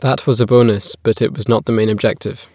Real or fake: real